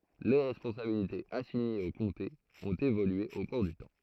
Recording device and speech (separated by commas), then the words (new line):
throat microphone, read sentence
Les responsabilités assignées aux comtés ont évolué au cours du temps.